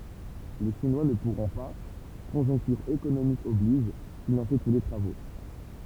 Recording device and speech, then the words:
temple vibration pickup, read sentence
Les Chinois ne pourront pas, conjoncture économique oblige, financer tous les travaux.

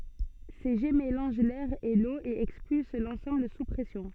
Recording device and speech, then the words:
soft in-ear microphone, read sentence
Ces jets mélangent l’air et l’eau et expulsent l’ensemble sous pression.

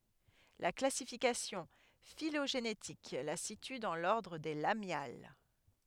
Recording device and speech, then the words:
headset microphone, read sentence
La classification phylogénétique la situe dans l'ordre des Lamiales.

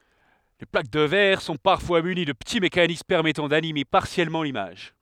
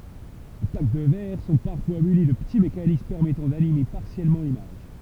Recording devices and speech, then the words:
headset microphone, temple vibration pickup, read sentence
Les plaques de verre sont parfois munies de petits mécanismes permettant d'animer partiellement l'image.

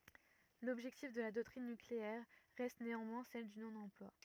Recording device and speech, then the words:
rigid in-ear microphone, read sentence
L'objectif de la doctrine nucléaire reste néanmoins celle du non-emploi.

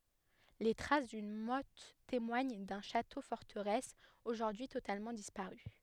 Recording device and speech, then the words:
headset microphone, read sentence
Les traces d'une motte témoignent d'un château-forteresse aujourd'hui totalement disparu.

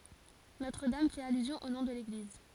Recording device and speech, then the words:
forehead accelerometer, read sentence
Notre-Dame fait allusion au nom de l'église.

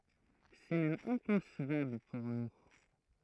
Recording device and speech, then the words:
throat microphone, read sentence
C’est même inconcevable pour nous.

